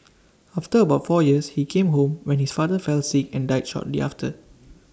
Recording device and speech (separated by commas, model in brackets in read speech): standing microphone (AKG C214), read sentence